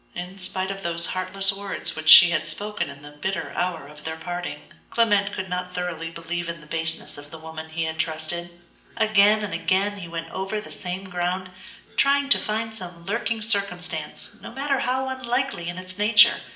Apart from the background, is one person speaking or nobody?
One person.